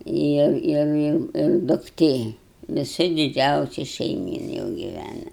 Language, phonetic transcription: Lithuanian, ˈir ˈir ˈir ir dukˈtė viˈsa diˈdžiausi šeiˈmyn jau giˈvæna

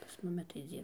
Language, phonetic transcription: Lithuanian, pas ˈmumi tai ˈdzyr

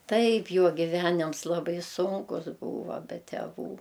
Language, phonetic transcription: Lithuanian, ˈtaip ˈjo giˈvenims laˈbai ˈsunkus ˈbūva be teˈvų

